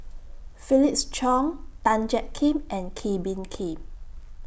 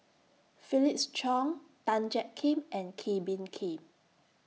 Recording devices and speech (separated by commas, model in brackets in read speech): boundary microphone (BM630), mobile phone (iPhone 6), read sentence